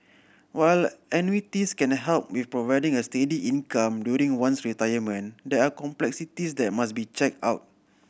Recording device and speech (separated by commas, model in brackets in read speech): boundary microphone (BM630), read sentence